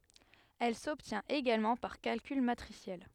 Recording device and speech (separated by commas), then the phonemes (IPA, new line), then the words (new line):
headset microphone, read sentence
ɛl sɔbtjɛ̃t eɡalmɑ̃ paʁ kalkyl matʁisjɛl
Elle s'obtient également par calcul matriciel.